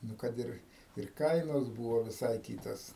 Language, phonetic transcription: Lithuanian, ˈnu kad ˈir ir ˈkainos ˈbūvo viˈsai ˈkytos

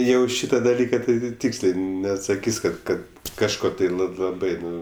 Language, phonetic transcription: Lithuanian, ˈjau ˈšyta daˈlyka tai tai ˈtykslė neatsaˈkys' ˈkad ˈkad kažˈko tai la laˈbai ˈnu

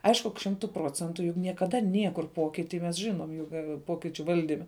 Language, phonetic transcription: Lithuanian, ˈaišku ka ˈšimtu ˈprocentu jug niekaˈda ˈniekur ˈpokiti mes žiˈnom ˈjug ˈpokičiu ˈvaldime

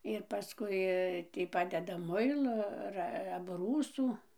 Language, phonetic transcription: Lithuanian, ir paˈskui ˈtį ˈpadeda ˈmuilo ˈar abˈrūsų

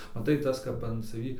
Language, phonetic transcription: Lithuanian, maˈtai ˈtas kap an saˈvį

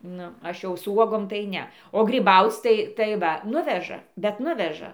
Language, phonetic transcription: Lithuanian, ˈnu ˈaš jau su ˈuogom tai ˈne o gryˈbauc' tai tai ˈva ˈnuveža bet ˈnuveža

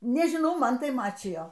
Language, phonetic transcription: Lithuanian, nežiˈnau ˈman tai ˈmačijo

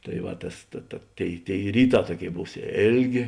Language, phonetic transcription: Lithuanian, tai ˈva ˈtas ta ta ˈtėi ˈtėi ˈryˌtā ˈtuoˌkėi ˈbūs ˈėlˌgė

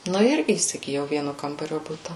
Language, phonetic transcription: Lithuanian, ˈnu ir įsigiˈjau ˈvienu ˈkambario ˈbuta

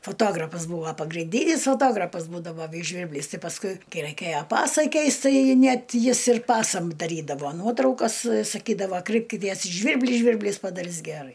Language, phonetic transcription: Lithuanian, foˈtografas ˈbūvo pagrinˈdynis foˈtograpas ˈbūdavo ˈvys ˈžvyrblis ˈti pasˈkui ˈkai ˈraikėjo ˈpasai ˈkeist ˈtai ˈnet ˈjis ir ˈpasam daˈrydavo ˈnuotraukas saˈkydavo ˈkraipkities i ˈžvirbli ˈžvirblys padaˈris geˈrai

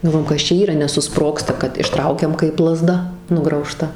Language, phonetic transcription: Lithuanian, galˈvojom ˈkas čia ˈyra nesuˈsprogsta kad išˈtraukiam kaip laˈzda nugrauˈžta

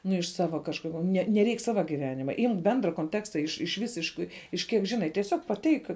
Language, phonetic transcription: Lithuanian, ˈnu iš ˈsava kažˈkur ne neˈreik ˈsava giˈvenima ˈimk ˈbendra konˈteksta iš iš ˈvisiškai iš ˈkiek ˈžinai tieˈsiog paˈteik

